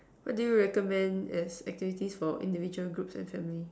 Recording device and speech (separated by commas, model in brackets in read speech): standing microphone, conversation in separate rooms